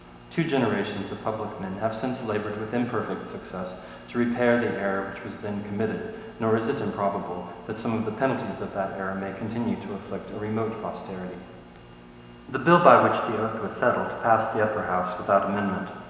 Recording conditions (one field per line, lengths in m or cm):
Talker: one person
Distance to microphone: 1.7 m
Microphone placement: close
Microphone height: 1.0 m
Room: very reverberant, large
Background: none